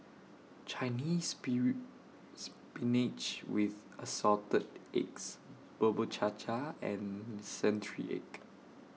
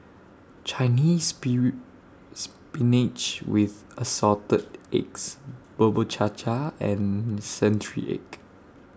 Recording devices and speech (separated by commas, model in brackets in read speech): mobile phone (iPhone 6), standing microphone (AKG C214), read sentence